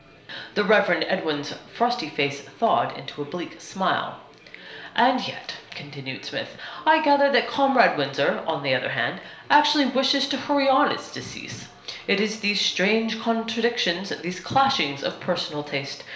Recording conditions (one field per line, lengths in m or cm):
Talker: one person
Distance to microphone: 1.0 m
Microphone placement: close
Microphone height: 1.1 m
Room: small (3.7 m by 2.7 m)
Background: babble